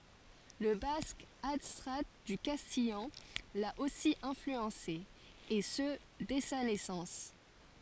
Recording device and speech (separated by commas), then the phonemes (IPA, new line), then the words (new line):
forehead accelerometer, read sentence
lə bask adstʁa dy kastijɑ̃ la osi ɛ̃flyɑ̃se e sə dɛ sa nɛsɑ̃s
Le basque, adstrat du castillan, l'a aussi influencé, et ce dès sa naissance.